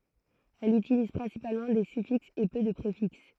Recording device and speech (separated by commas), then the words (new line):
throat microphone, read sentence
Elle utilise principalement des suffixes et peu de préfixes.